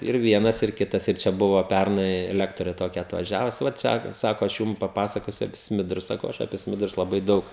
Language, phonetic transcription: Lithuanian, ir ˈvienas ir ˈkitas ir ˈčia ˈbuvo ˈpærnai ˈlektorė toˈkia atvaˈžiavus va ˈčia ˈsako aš ˈjūm paˈpasakosiu api ˈsmidrus ˈsakau ˈaš apie ˈsmidrus laˈbai ˈdaug

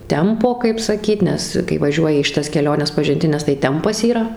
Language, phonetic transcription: Lithuanian, ˈtempo kaip saˈkyt ˈnes kai vaˈžiuoji į šiˈtas keˈliones pažinˈtines tai ˈtempas yˈra

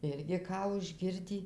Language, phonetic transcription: Lithuanian, ˈirgi ˈką užˈgirdį

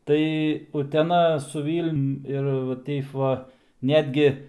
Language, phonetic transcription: Lithuanian, ˈtai uteˈna su ˈvylnium ir va ˈteip ˈva ˈnetgi

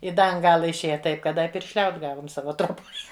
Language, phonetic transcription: Lithuanian, i ˈda an ˈgala išˈėja ˈtaip kad ˈda i piršˈliaut ˈgavum ˈsava troˈboj

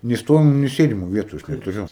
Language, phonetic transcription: Lithuanian, nei ˈstovimu nei ˈsėdimu ˈvietu aš netuˈriu

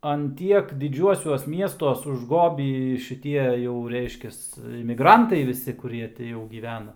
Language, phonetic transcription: Lithuanian, an ˈtiek diˈdžiuosiuos ˈmiestuos užˈgobį šiˈtie jau ˈreiškias imiˈgrantai ˈvisi kuˈrie ti jau gyˈvena

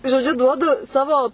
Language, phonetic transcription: Lithuanian, žoˈdžiu ˈduodu ˈsavo

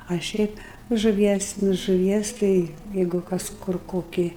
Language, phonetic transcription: Lithuanian, a ˈšiaip žuˈvies nu žuˈvies ˈtai ˈjeigu ˈkas ˈkur ˈkoki

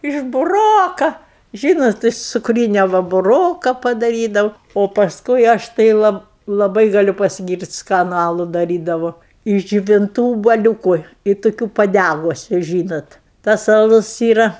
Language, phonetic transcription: Lithuanian, iš buˈroka ˈžynot iš cukˈrynia ˈva buˈroka padaˈrydau o pasˈkui aš tai ˈlab laˈbai gaˈliu pasiˈgyrt' ˈskanu ˈalu daˈrydavo iš džiuvinˈtų ubuoˈliūku i toˈkių paˈdægusiu ˈžynot tas aˈlus ˈyra

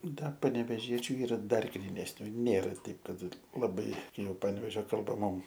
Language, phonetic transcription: Lithuanian, ˈda paneveˈžiečiu ˈyra ˈdar grynesˈnių ˈnėra ˈteip ˈkad laˈbai ˈjau ˈpanvežio kalˈba ˈmum

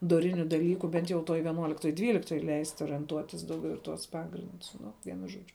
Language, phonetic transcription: Lithuanian, doˈriniu daˈlyku ˈbent jau toj vieˈnuoliktoj ˈdvyliktoj leist' orienˈtuotis ˈdaugiau i ˈtuos ˈpagrindus ˈnu ˈvienu ˈžuodžiu

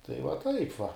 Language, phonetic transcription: Lithuanian, tai va ˈtaip va

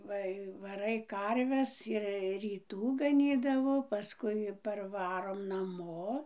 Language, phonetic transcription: Lithuanian, ˈva i vaˈrai ˈkarves ir ryˈtų gaˈnydavo paˈskui parˈvarom naˈmo

